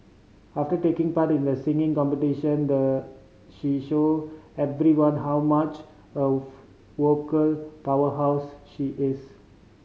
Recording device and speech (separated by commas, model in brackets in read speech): mobile phone (Samsung C5010), read sentence